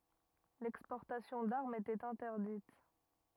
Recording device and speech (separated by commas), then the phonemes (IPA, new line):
rigid in-ear microphone, read sentence
lɛkspɔʁtasjɔ̃ daʁmz etɛt ɛ̃tɛʁdit